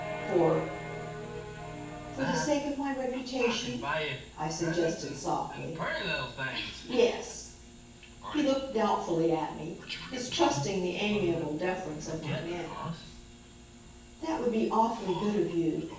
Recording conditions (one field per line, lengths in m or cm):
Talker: one person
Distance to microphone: 9.8 m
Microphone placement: far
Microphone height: 1.8 m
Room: large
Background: television